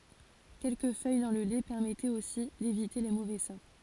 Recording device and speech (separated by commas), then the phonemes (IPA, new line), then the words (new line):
forehead accelerometer, read sentence
kɛlkə fœj dɑ̃ lə lɛ pɛʁmɛtɛt osi devite le movɛ sɔʁ
Quelques feuilles dans le lait permettaient aussi d'éviter les mauvais sorts.